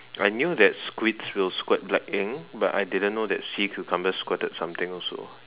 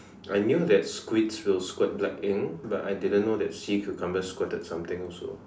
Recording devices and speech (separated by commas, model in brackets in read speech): telephone, standing microphone, conversation in separate rooms